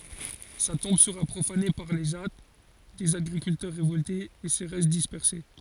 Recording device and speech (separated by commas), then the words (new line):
forehead accelerometer, read sentence
Sa tombe sera profanée par les Jâts, des agriculteurs révoltés, et ses restes dispersés.